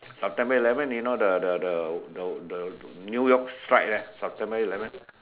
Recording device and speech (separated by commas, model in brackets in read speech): telephone, conversation in separate rooms